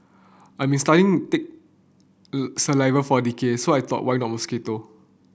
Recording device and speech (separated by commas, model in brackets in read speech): boundary microphone (BM630), read sentence